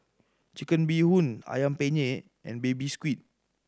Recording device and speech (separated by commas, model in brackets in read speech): standing microphone (AKG C214), read sentence